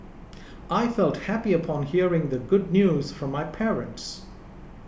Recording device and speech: boundary microphone (BM630), read sentence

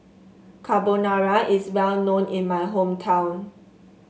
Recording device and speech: mobile phone (Samsung S8), read sentence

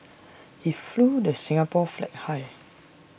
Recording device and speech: boundary microphone (BM630), read sentence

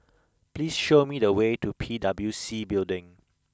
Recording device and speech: close-talking microphone (WH20), read sentence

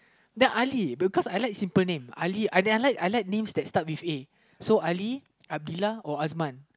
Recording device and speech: close-talking microphone, conversation in the same room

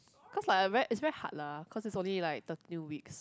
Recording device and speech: close-talking microphone, conversation in the same room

